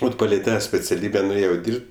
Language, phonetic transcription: Lithuanian, ˈvat paˈlei ˈtą speciaˈlybe nuˈėjau ˈdyrb't'

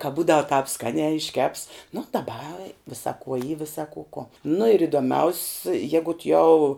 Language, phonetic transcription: Lithuanian, ka ˈbūdav tāp ˈskaniā išˈkeps nu daˈba ˈvisa kuo y ˈvisa ku kuo nu ir idoˈmiaus' ˈjegut jau

